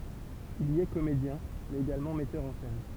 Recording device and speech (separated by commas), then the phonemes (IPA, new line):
temple vibration pickup, read sentence
il i ɛ komedjɛ̃ mɛz eɡalmɑ̃ mɛtœʁ ɑ̃ sɛn